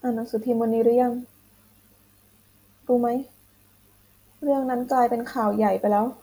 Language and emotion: Thai, frustrated